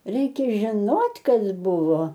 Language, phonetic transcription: Lithuanian, ˈreikia žiˈnot' ˈkas ˈbuvo

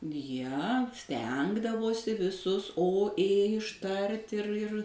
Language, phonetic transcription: Lithuanian, jie ˈstengdavosi viˈsus o ė išˈtart ir ir

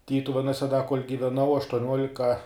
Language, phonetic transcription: Lithuanian, ˈtytuvenuose da kol' giveˈnau aštuoˈniuolika

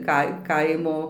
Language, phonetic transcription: Lithuanian, ˈkai ˈkaimo

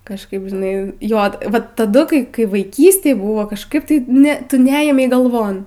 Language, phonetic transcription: Lithuanian, kažˈkaip žiˈnai ˈjot ˈvat taˈdu kai kai vaiˈkystėj ˈbuvo kažˈkaip tai ˈne ˈtu ˈneėmei galˈvon

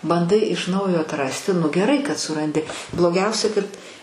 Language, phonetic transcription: Lithuanian, banˈdai iš ˈnaujo atˈrasti nu geˈrai kad suranˈdi bloˈgiausia kad

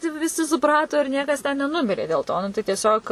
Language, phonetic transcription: Lithuanian, ˈtai vi viˈsi suˈprato ir ˈniekas ten neˈnumirė dėl ˈto ˈnu tai tieˈsiog

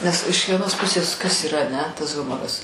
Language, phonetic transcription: Lithuanian, nes iš vieˈnos ˈpusės kas yˈra aˈne tas ˈhumoras

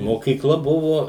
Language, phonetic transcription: Lithuanian, mokyˈkla ˈbuvo

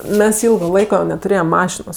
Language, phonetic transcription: Lithuanian, ˈmes ˈilgo ˈlaiko netuˈrėjem ˈmašinos

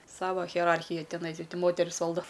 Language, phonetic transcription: Lithuanian, ˈsava hieˈrarchija tiˈnai i ti ˈmoteris ˈvaldo

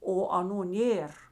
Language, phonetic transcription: Lithuanian, o aˈnų ˈnėr

